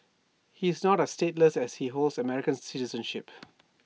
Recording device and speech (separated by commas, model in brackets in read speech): mobile phone (iPhone 6), read sentence